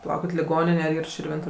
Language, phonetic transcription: Lithuanian, paˈlaukit liˈgonine ar ˈyr širˈvintu

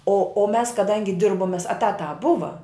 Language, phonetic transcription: Lithuanian, o o ˈmes kaˈdangi ˈdirbom mės eˈtatā ˈbuva

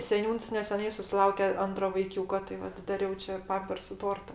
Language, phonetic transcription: Lithuanian, seˈniūns neseˈnai susiˈlauke ˈantro vaiˈkiūko tai ˈvat daˈriau čia ˈpampersu ˈtorta

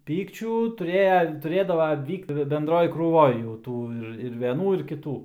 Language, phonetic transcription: Lithuanian, ˈpykčių tuˈrėja tuˈrėdava ˈvykt benˈdroj krūˈvoj jau ˈtų ir ir veˈnų ir kiˈtų

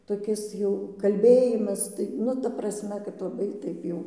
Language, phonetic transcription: Lithuanian, toˈkis jau kalˈbėjimas tai ˈnu ta prasˈme kad laˈbai ˈtaip jau

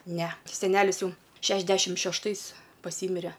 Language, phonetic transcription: Lithuanian, ˈne seˈnelis ˈjau ˈšešdešim šešˈtais paˈsymire

